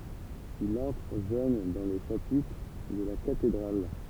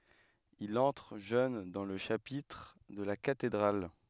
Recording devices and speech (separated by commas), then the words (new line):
temple vibration pickup, headset microphone, read sentence
Il entre jeune dans le chapitre de la cathédrale.